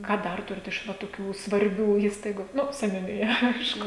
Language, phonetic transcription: Lithuanian, ˈką ˈdar ˈturit iš ˈva toˈkių svarˈbių ˈįstaigu ˈnu seniuniˈja ˈaišku

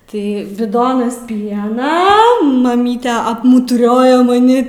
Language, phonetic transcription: Lithuanian, ˈtai biˈdonas ˈpiena maˈmyte apmutuˈrioja maˈni

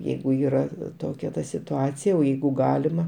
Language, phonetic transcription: Lithuanian, ˈjeigu ˈyra ˈtokia ˈta situˈacija o ˈjeigu ˈgalima

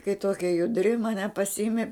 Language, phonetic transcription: Lithuanian, kai ˈtokia juˈdri maˈne pasiˈimi

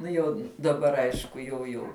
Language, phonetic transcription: Lithuanian, ˈnu jau daˈbar ˈaišku jau ˈjau

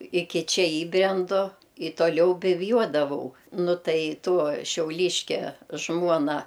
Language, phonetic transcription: Lithuanian, ˈiki ˈčia ˈįbrendu i tuoˈliau bivˈjuodavau ˈnu ˈtai ˈtuo šiauˈlyškia ˈžmuona

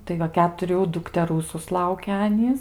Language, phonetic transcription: Lithuanian, tai ˈva ketuˈrių dukteˈrų susˈlauke ˈanys

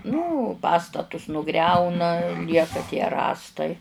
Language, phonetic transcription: Lithuanian, nu ˈpastatus nuˈgriauna ˈlieka tie ˈrąstai

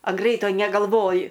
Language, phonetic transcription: Lithuanian, an ˈgreito negalˈvoji

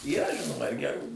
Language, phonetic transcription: Lithuanian, yˈra ˈžinoma ir geˈrų

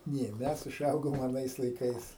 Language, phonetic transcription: Lithuanian, ˈnė ˈmes uˈžaugom aˈnais laiˈkais

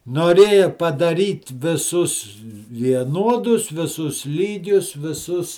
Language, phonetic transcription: Lithuanian, noˈrėja padaˈryt viˈsus vieˈnuodus viˈsus ˈlygius viˈsus

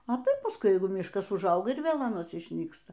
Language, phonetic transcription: Lithuanian, a ˈtaip pasˈkui ˈjeigu ˈmiškas užˈauga ir ˈvėl aˈnas išˈnyksta

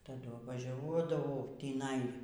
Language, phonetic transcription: Lithuanian, taˈdu vaˈžiuodavau tįˈnai

